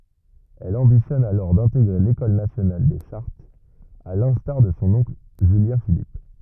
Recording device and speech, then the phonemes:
rigid in-ear microphone, read sentence
ɛl ɑ̃bitjɔn alɔʁ dɛ̃teɡʁe lekɔl nasjonal de ʃaʁtz a lɛ̃staʁ də sɔ̃ ɔ̃kl ʒyljɛ̃filip

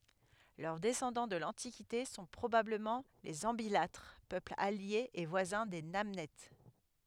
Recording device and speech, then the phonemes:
headset microphone, read sentence
lœʁ dɛsɑ̃dɑ̃ də lɑ̃tikite sɔ̃ pʁobabləmɑ̃ lez ɑ̃bilatʁ pøpl alje e vwazɛ̃ de nanɛt

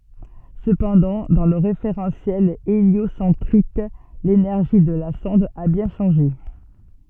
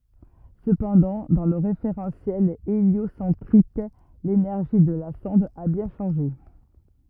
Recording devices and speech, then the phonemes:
soft in-ear microphone, rigid in-ear microphone, read sentence
səpɑ̃dɑ̃ dɑ̃ lə ʁefeʁɑ̃sjɛl eljosɑ̃tʁik lenɛʁʒi də la sɔ̃d a bjɛ̃ ʃɑ̃ʒe

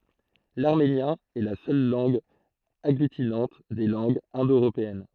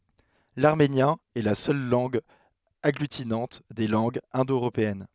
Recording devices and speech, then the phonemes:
throat microphone, headset microphone, read sentence
laʁmenjɛ̃ ɛ la sœl lɑ̃ɡ aɡlytinɑ̃t de lɑ̃ɡz ɛ̃do øʁopeɛn

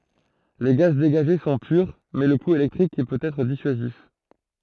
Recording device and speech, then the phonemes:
throat microphone, read sentence
le ɡaz deɡaʒe sɔ̃ pyʁ mɛ lə ku elɛktʁik pøt ɛtʁ disyazif

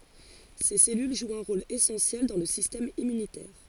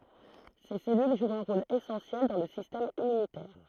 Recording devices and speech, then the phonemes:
forehead accelerometer, throat microphone, read sentence
se sɛlyl ʒwt œ̃ ʁol esɑ̃sjɛl dɑ̃ lə sistɛm immynitɛʁ

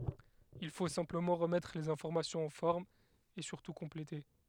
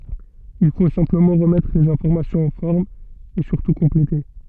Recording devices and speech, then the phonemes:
headset microphone, soft in-ear microphone, read sentence
il fo sɛ̃pləmɑ̃ ʁəmɛtʁ lez ɛ̃fɔʁmasjɔ̃z ɑ̃ fɔʁm e syʁtu kɔ̃plete

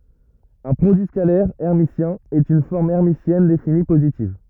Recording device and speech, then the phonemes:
rigid in-ear microphone, read sentence
œ̃ pʁodyi skalɛʁ ɛʁmisjɛ̃ ɛt yn fɔʁm ɛʁmisjɛn defini pozitiv

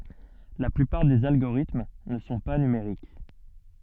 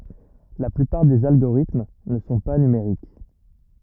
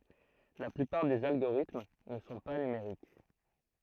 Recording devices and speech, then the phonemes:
soft in-ear microphone, rigid in-ear microphone, throat microphone, read sentence
la plypaʁ dez alɡoʁitm nə sɔ̃ pa nymeʁik

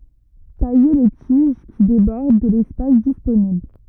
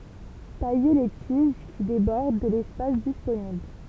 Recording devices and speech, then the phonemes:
rigid in-ear microphone, temple vibration pickup, read sentence
taje le tiʒ ki debɔʁd də lɛspas disponibl

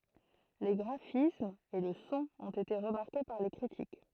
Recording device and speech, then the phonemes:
throat microphone, read sentence
le ɡʁafismz e lə sɔ̃ ɔ̃t ete ʁəmaʁke paʁ le kʁitik

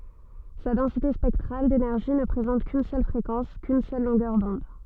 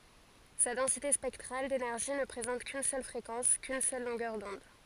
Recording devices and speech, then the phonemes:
soft in-ear microphone, forehead accelerometer, read sentence
sa dɑ̃site spɛktʁal denɛʁʒi nə pʁezɑ̃t kyn sœl fʁekɑ̃s kyn sœl lɔ̃ɡœʁ dɔ̃d

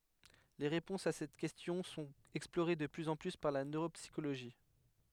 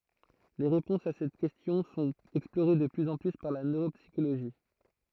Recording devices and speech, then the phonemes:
headset microphone, throat microphone, read sentence
le ʁepɔ̃sz a sɛt kɛstjɔ̃ sɔ̃t ɛksploʁe də plyz ɑ̃ ply paʁ la nøʁopsikoloʒi

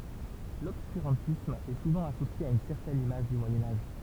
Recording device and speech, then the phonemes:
temple vibration pickup, read sentence
lɔbskyʁɑ̃tism ɛ suvɑ̃ asosje a yn sɛʁtɛn imaʒ dy mwajɛ̃ aʒ

